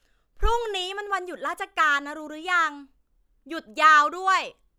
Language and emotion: Thai, frustrated